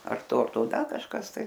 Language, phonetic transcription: Lithuanian, ar ˈto ar ˈto ˈda kažˈkas tai

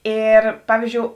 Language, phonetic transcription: Lithuanian, ˈėr ˈpavyzdžiou

